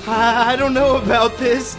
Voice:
shakey voice